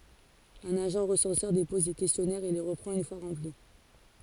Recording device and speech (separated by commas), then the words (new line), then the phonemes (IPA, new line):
forehead accelerometer, read sentence
Un agent recenseur dépose les questionnaires et les reprend une fois remplis.
œ̃n aʒɑ̃ ʁəsɑ̃sœʁ depɔz le kɛstjɔnɛʁz e le ʁəpʁɑ̃t yn fwa ʁɑ̃pli